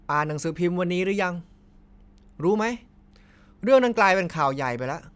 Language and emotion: Thai, frustrated